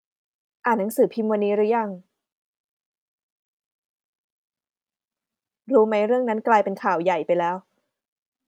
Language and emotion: Thai, neutral